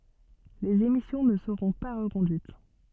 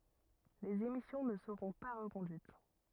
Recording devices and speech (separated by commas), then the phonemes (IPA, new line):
soft in-ear microphone, rigid in-ear microphone, read sentence
lez emisjɔ̃ nə səʁɔ̃ pa ʁəkɔ̃dyit